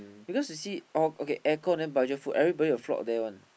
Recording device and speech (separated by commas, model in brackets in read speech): boundary microphone, conversation in the same room